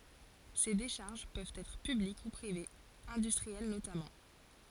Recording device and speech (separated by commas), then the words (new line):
forehead accelerometer, read sentence
Ces décharges peuvent être publiques ou privées, industrielles notamment.